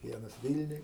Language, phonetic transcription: Lithuanian, ˈvienas ˈvilniuj

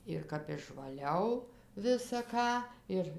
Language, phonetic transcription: Lithuanian, ir kap išvaˈliau visa ˈką ir

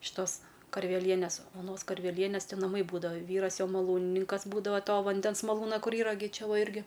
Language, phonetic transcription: Lithuanian, šiˈtos karveˈlienės oˈnos karveˈlienės ti naˈmai ˈbūdavo ˈvyras jo maˈlūnininkas ˈbūdavo ˈto vanˈdens ˈmalūna ˈkur ˈyra gi ˈčia ˈva ˈirgi

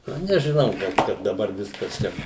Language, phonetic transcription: Lithuanian, nu nežiˈnau gal ˈkad daˈbar ˈviskas ˈčia

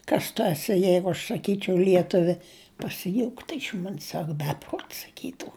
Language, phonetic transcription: Lithuanian, ˈkas tu aˈsi ˈjeigu aš saˈkyčiau ˈlietuvi pasiˈjūktu iš ˈmon's' ˈsak ˈbepruot' saˈkytu

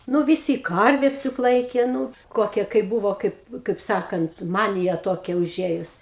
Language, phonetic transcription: Lithuanian, ˈnu viˈsy ˈkarves juk ˈlaikė ˈnū ˈkokia kaipˈ buvo ˈkaip kaip ˈsakant ˈmanija ˈtokia uˈžėjus

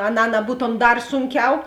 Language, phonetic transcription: Lithuanian, aˈnā naˈbūtom ˈdar ˈsunˌkiau

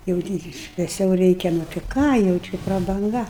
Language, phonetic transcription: Lithuanian, jau ˈtį šveˈsiau ˈreikia nu ti ˈką jau ˈči prabanˈga

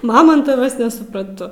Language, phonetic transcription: Lithuanian, maˈmontavas nesupranˈtu

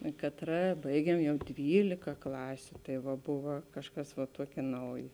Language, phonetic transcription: Lithuanian, ė katˈra ˈbaigiem ˈjau ˈdvylika ˈklasiu tai ˈva ˈbuva ˈkažˌkas va ˈtuokė ˈnaujė

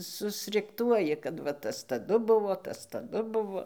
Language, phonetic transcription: Lithuanian, susrikˈtuoji kad ˈva ˈtas taˈdu ˈbuvo ˈtas taˈdu ˈbuvo

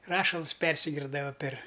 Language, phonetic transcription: Lithuanian, ˈrašals ˈpersigirdava per

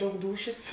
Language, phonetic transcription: Lithuanian, ˈdaug ˈdūšės

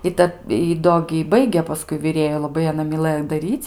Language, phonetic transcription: Lithuanian, i ˈtad i ˈdo gi ji ˈbaigė paˈskui viˈrėju laˈbai aˈna miˈlɘjo daˈryc'

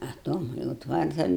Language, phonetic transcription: Lithuanian, a ˈtom jau ˈtvartan

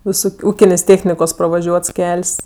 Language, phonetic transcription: Lithuanian, viˈsuk ˈūkinės' ˈtėchnikos pravaˈžiuots ˈkel's'

